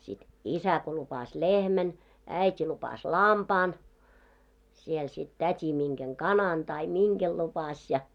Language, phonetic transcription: Finnish, sit , "isä ko lupas "lehmän , "äit́i lupas "lampaan , siel sit 'tät́i 'miŋɢeŋ "kanan tai "miŋɢel 'lupaś ja .
- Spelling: sitten isä kun lupasi lehmän äiti lupasi lampaan siellä sitten täti minkä kanan tai minkä lupasi ja

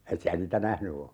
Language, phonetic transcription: Finnish, 'et si(n)ä nitä "nähny o .
- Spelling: et sinä niitä nähnyt ole

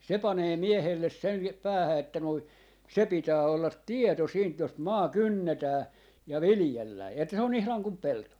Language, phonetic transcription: Finnish, 'se 'panee 'miehelles sen , 'päähä että noi , 'se 'pitää ollat "tieto siint jos 'maa "kynnetää , ja "vilⁱjellää , että se on ihlaŋ kum 'pelto .
- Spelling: se panee miehelle sen päähän että noin se pitää olla tieto siitä jos maa kynnetään ja viljellään että se on ihan kuin pelto

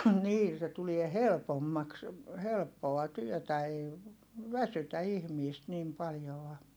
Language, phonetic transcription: Finnish, nii se tulie helpommaks , helppoa työtä ei , väsytä ihmiist nim paljoa .
- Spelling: niin se tulee helpommaksi helppoa työtä ei väsytä ihmistä niin paljoa

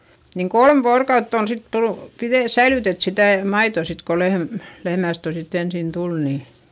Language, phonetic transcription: Finnish, niŋ kolm voorokautt ‿on sit tulU , piδè- , säilytet sitä̀ , maitò sit ko lehm- , lehmä̀st ‿otètti- ensin tul nii .
- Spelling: niin kolme vuorokautta on sitten tullut - säilytetty sitä maitoa sitten kun - lehmästä - ensin tuli niin

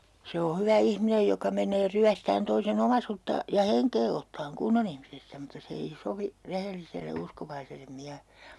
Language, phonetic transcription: Finnish, 'se o 'hyvä 'ihminej joka meǹee 'ryästään toise"n ‿omasutta , ja "heŋkee ottaaŋ 'kunnon ‿ihmisestä mutta 'se ei "sovi , 'rehelliselle 'uskovaisellem 'miähe(le) .
- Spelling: se ole hyvä ihminen joka menee ryöstämään toisen omaisuutta ja henkeä ottamaan kunnon ihmisestä mutta se ei sovi rehelliselle uskovaiselle miehelle

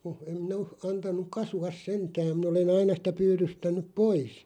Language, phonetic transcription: Finnish, (mu-) em mi'n ‿o , 'antanuᵏ "kasu₍as 'sentääᵐ min ‿ole'n ‿aina sⁱtä 'pyyðystän̆nuᵖ "pois .
- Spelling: - en minä ole antanut kasvaa sentään minä olen aina sitä pyydystänyt pois

